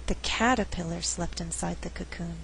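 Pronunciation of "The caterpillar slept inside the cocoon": The word 'caterpillar' is emphasized in this sentence.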